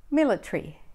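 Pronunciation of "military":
'military' is said with an Australian accent.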